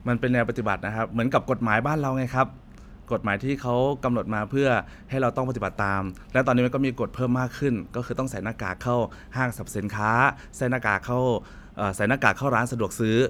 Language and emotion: Thai, neutral